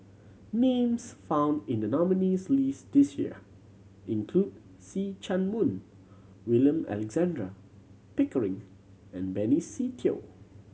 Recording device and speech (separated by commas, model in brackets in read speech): mobile phone (Samsung C7100), read sentence